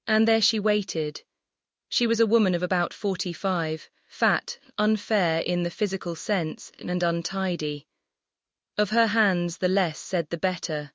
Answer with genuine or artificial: artificial